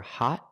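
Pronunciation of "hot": The o in 'hot' is pronounced as an ah sound.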